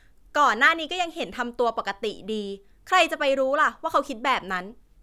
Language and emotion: Thai, frustrated